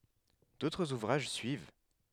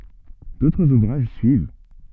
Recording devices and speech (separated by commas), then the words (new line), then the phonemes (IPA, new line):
headset microphone, soft in-ear microphone, read sentence
D'autres ouvrages suivent.
dotʁz uvʁaʒ syiv